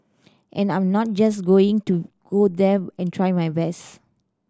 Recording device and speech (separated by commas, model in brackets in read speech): standing microphone (AKG C214), read sentence